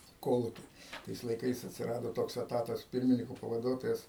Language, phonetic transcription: Lithuanian, i ˈkoluki ˈtais laiˈkais atsiˈrado ˈtoks eˈtatas ˈpirminiko pavaˈduotojas

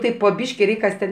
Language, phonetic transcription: Lithuanian, ˈtaip po ˈbyški ˈreik' ˈkas ten

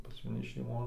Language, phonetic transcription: Lithuanian, maˈni šeiˈmon

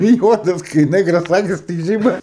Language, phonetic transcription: Lithuanian, ˈjuodas kai ˈnɜgras ˈakis tik ˈžyba

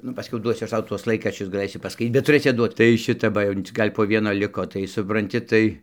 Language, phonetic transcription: Lithuanian, ˈnu paˈskiau ˈduosiu ˈaš ˈtau ˈtuos ˈlaikraščius gaˈlɘsi paˈskait bet tuˈrɘsi atˈduot tai ˈšita ˈba jau cik ˈgal' po ˈvieno ˈliko tai supranˈti ˈtai

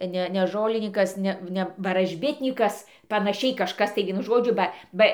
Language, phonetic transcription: Lithuanian, ˈne ne ˈžolinykas ˈne ˈne varažˈbitnykas panaˈšiai kažˈkas tai ˈvienu ˈžodžiu ˈba ˈba

